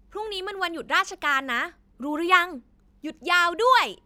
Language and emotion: Thai, happy